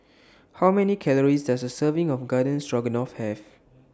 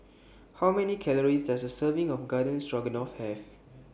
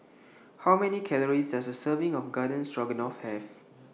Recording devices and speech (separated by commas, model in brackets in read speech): standing microphone (AKG C214), boundary microphone (BM630), mobile phone (iPhone 6), read sentence